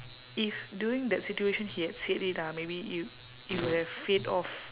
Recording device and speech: telephone, conversation in separate rooms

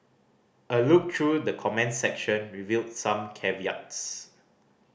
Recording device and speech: boundary microphone (BM630), read sentence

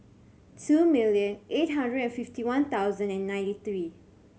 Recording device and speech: mobile phone (Samsung C7100), read sentence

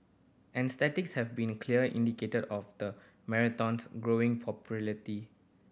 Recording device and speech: boundary microphone (BM630), read sentence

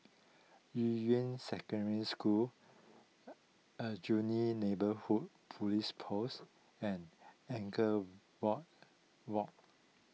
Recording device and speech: mobile phone (iPhone 6), read sentence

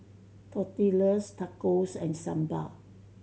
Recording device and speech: mobile phone (Samsung C7100), read sentence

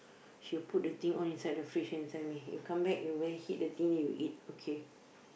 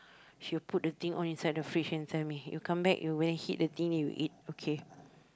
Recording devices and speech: boundary microphone, close-talking microphone, conversation in the same room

